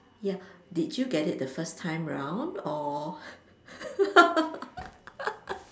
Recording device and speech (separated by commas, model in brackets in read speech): standing microphone, conversation in separate rooms